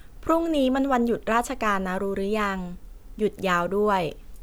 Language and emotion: Thai, neutral